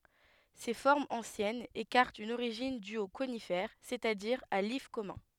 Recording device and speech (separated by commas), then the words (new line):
headset microphone, read sentence
Ces formes anciennes écartent une origine due au conifère, c'est-à-dire à l'if commun.